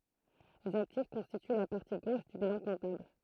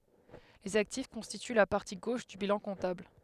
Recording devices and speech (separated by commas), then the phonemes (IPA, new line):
throat microphone, headset microphone, read sentence
lez aktif kɔ̃stity la paʁti ɡoʃ dy bilɑ̃ kɔ̃tabl